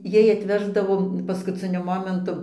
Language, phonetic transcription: Lithuanian, ˈjai atˈveždavo paskuˈciniu ˈmomentu

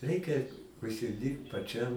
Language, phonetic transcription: Lithuanian, ˈreikia užsiˈdyrbt paˈčiam

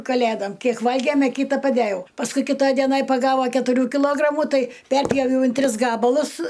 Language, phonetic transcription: Lithuanian, kaˈlėdam ˈkiek ˈvalgėm' a ˈkyta paˈdejau pasˈkui kiˈtaj dieˈnaj paˈgava ketuˈrių kiˈlogramu ˈtai ˈperpjoviau in ˈtris ˈgabalus

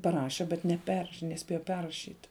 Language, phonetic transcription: Lithuanian, paˈraše bet neˈperš neˈspėja ˈperrašyt

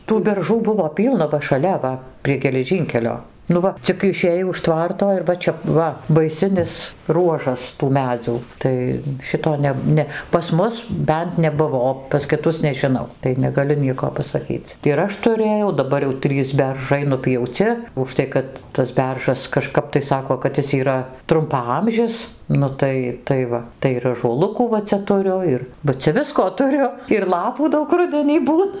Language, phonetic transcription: Lithuanian, tų berˈžų ˈbuvo ˈpylna va šaˈlia ˈva prie geleˈžynkelio nu ˈva cik išėˈjai už tvarto ir ˈva čia ˈva baiˈsinis ˈruožas tų ˈmedzių ˈtai ˈšito ˈneb ˈne pas ˈmus ˈbent neˈbuvo o pas kiˈtus nežiˈnau tai negaˈliu ˈnieko pasaˈkyc ir ˈaš tuˈrėjau daˈbar jau ˈtrys berˈžai nupjauˈci užˈtai kad tas ˈberžas kaˈžkap tai ˈsako kad ˈis yˈra trumpaˈamžis ˈnu tai tai ˈva tai ir ažuoˈlukų va ˈcia tuˈriu ˈir ba ˈcia ˈvisko tuˈriu ir ˈlapų ˈdaug ˈrudenį ˈbūn

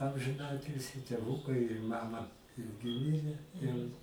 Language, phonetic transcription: Lithuanian, amžiˈnatilsį tėˈvukai ir ˈmama ˈirgi ˈmire ˈjau

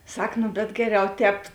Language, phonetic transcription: Lithuanian, ˈsak nu bet ˈgeˌriau ˈtēp

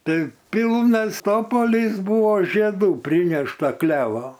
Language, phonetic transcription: Lithuanian, ˈtai ˈpylnas ˈtopolys ˈbūvo žieˈdų ˈprynešta ˈklevo

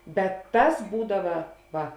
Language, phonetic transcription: Lithuanian, bet ˈtas ˈbūdava ˈva

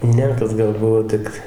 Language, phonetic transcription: Lithuanian, ˈne kad ˈgal ˈbuvo ˈtik

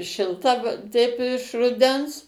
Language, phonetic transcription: Lithuanian, šilˈta ˈteip iš ruˈdens

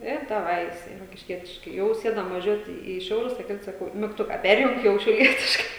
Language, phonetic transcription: Lithuanian, i daˈvai jiˈsai rokišˈkietiškai ˈjau ˈsėdam vaˈžiuoti į ˈšiaulius tai ˈkaip saˈkau migˈtuka ˈperjung ˈjau šiauˈlietiškai

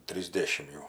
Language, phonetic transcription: Lithuanian, trysˈdėšim jau

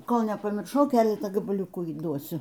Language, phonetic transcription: Lithuanian, ˈkol nepamirˈšau ˈkeletą gabaˈliukų įˈduosiu

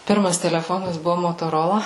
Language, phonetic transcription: Lithuanian, ˈpirmas teleˈfonas ˈbuvo motoˈrola

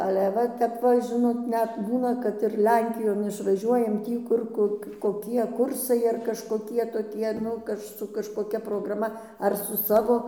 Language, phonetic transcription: Lithuanian, ale ˈva tep ˈva žiˈnot ˈnet ˈbūna kad ir ˈlenkijon išvaˈžiuojam ˈtį kur ˈkur koˈkie ˈkursai ar kažkoˈkie toˈkie ˈnu kaž su kažkoˈkia prograˈma ar su ˈsavo

